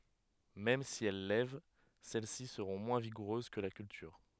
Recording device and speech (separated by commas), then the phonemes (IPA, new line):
headset microphone, read sentence
mɛm si ɛl lɛv sɛl si səʁɔ̃ mwɛ̃ viɡuʁøz kə la kyltyʁ